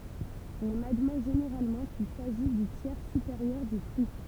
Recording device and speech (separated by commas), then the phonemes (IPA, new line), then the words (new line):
temple vibration pickup, read sentence
ɔ̃n admɛ ʒeneʁalmɑ̃ kil saʒi dy tjɛʁ sypeʁjœʁ dy fʁyi
On admet généralement qu'il s'agit du tiers supérieur du fruit.